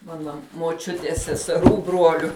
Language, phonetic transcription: Lithuanian, ˈmana moˈčiuties seseˈrų ˈbruoliu

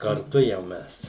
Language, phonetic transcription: Lithuanian, karˈtu jau ˈmes

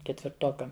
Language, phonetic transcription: Lithuanian, ketvirˈtokam

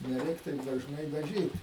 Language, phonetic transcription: Lithuanian, neˈreik taip dažˈnai daˈžyt

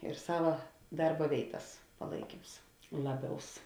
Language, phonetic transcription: Lithuanian, ir ˈsava ˈdarba ˈvėitas paˈlaikyms ˈlaˌbiaus

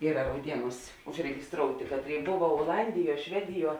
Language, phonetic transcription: Lithuanian, ˈyra rauˈdieˌnūs' užregisˈtroutė ˈkatˌrėi ˈbova oˈlandiˌjuo ˈšvediˌjuo

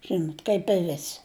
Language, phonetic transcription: Lithuanian, ˈžinot' kaip i ˈvesi

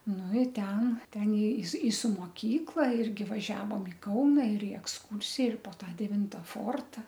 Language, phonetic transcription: Lithuanian, ˈnu i ˈten ˈten i su i su moˈkykla ˈirgi vaˈžiavom i ˈkauna ir i eksˈkūrsija ir po ˈtą deˈvinta ˈforta

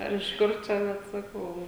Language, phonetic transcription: Lithuanian, ˈar iš ˈkur čia vat saˈkau

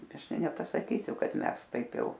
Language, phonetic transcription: Lithuanian, ˈaš ˈtai nepasaˈkysiu ˈkad ˈmes ˈtaip ˈjau

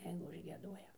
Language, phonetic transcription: Lithuanian, ˈjeigu užgieˈduoja

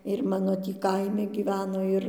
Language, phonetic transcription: Lithuanian, ir ˈmano ˈtį ˈkaimi gyˈveno ˈir

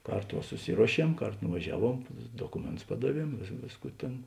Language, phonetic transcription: Lithuanian, ˈkarˌto va suˈsiruoˌšiem ˈkarˌto nuvaˈžiaˌvuom ˈdokumėnˌtus ˈpadaˌviem ˈvėsˌkų ˈtėn

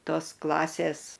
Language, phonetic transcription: Lithuanian, ˈtos ˈklasės

